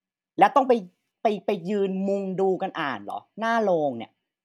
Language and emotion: Thai, frustrated